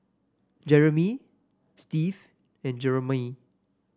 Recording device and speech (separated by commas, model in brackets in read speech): standing microphone (AKG C214), read sentence